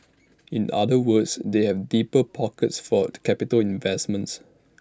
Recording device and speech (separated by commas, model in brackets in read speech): standing microphone (AKG C214), read sentence